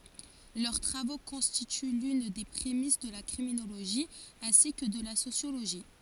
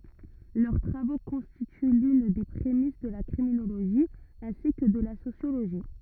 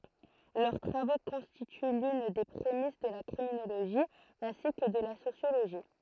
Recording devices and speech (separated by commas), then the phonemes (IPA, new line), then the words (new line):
forehead accelerometer, rigid in-ear microphone, throat microphone, read sentence
lœʁ tʁavo kɔ̃stity lyn de pʁemis də la kʁiminoloʒi ɛ̃si kə də la sosjoloʒi
Leurs travaux constituent l'une des prémices de la criminologie ainsi que de la sociologie.